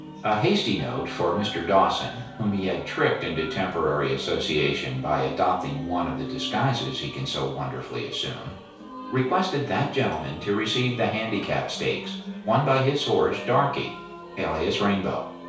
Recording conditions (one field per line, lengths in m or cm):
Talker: one person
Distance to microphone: 3.0 m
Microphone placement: far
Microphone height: 1.8 m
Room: small (3.7 m by 2.7 m)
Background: music